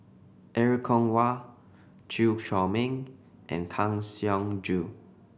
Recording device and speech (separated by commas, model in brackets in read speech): boundary microphone (BM630), read sentence